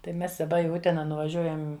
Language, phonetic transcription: Lithuanian, tai ˈmes daˈba i ˈutena nuvaˈžiuojam

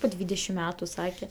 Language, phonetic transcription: Lithuanian, po ˈdvydešim ˈmetu ˈsake

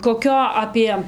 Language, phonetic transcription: Lithuanian, koˈkio apie

